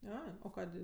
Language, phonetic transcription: Lithuanian, ˈai o ˈkadė

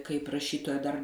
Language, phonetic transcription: Lithuanian, kaip raˈšytoja dar

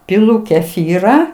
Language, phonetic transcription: Lithuanian, piˈlu keˈfyrą

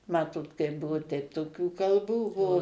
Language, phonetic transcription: Lithuanian, ˈmatot kaip ˈbuvu teip toˈkių kalˈbų ˈbuo

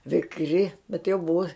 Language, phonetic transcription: Lithuanian, vikˈri bet jau ˈbuvo

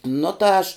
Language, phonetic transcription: Lithuanian, ˈnu ta ˈaš

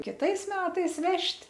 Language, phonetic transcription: Lithuanian, kiˈtais ˈmetais ˈvežt'

